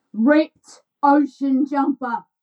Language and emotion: English, angry